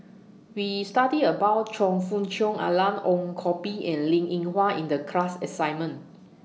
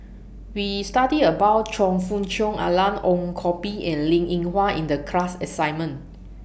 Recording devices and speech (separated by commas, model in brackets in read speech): mobile phone (iPhone 6), boundary microphone (BM630), read sentence